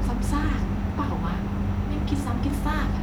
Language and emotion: Thai, frustrated